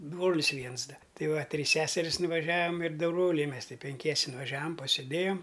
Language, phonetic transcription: Lithuanian, ˈbrolis ˈviens ˈda ˈti ˈva ˈtrys ˈseseris nuvaˈžiavam ir ˈdu ˈbroliai ˈmes ˈti penˈkiese nuvaˈžiavam pasėˈdėjom

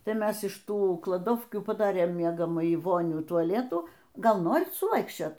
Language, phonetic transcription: Lithuanian, ˈtai ˈmes iš ˈtų klaˈdovkių paˈdarėm ˈmiegamąjį ˈvonių tuaˈletų ˈgal ˈnorit suˈvaikščiot

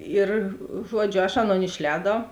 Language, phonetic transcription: Lithuanian, ˈir ˈžuodžiu aš ˈaˌnon išˈlēdau

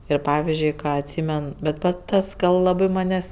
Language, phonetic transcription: Lithuanian, ˈir ˈpavizdžiui ˈką atˈsymen bet ˈpat ˈtas kad laˈbɜ ˈmanės'

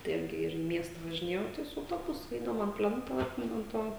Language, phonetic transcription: Lithuanian, tai ˈirgi ˈir į ˈmiesta važiˈnėjau ˈtai su auˈtobusu ˈeidaum an ˈplento ˈatminu an ˈto

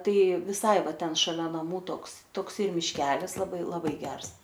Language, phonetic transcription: Lithuanian, ˈtai viˈsai ˈva ˈten šaˈlia naˈmų ˈtoks tokˈsai mišˈkelis laˈbai laˈbai ˈgers

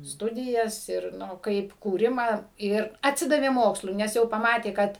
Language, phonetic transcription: Lithuanian, ˈstudijas ir ˈnu ˈkaip kūˈrimą ˈir atˈsidavė ˈmokslui nes ˈjau paˈmatė ˈkad

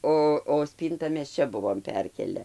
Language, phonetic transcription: Lithuanian, ˈo o ˈspynta mes ˈčia ˈbuvom ˈperkėle

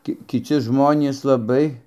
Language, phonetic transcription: Lithuanian, ˈki kiˈci ˈžmonys laˈbai

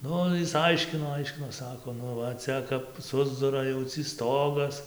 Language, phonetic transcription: Lithuanian, ˈnu jis ˈaiškino ˈaiškino ˈsako ˈnu va ˈcia kap ˈsusdura jau cį ˈstogas

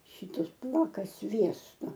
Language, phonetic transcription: Lithuanian, ˈšytus ˈpuoka ˈsviesto

